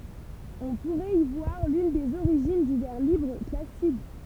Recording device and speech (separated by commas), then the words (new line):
temple vibration pickup, read sentence
On pourrait y voir l'une des origines du vers libre classique.